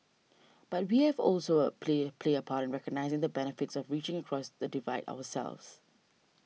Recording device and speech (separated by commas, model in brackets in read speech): mobile phone (iPhone 6), read sentence